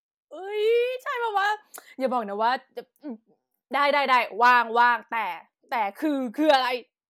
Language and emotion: Thai, happy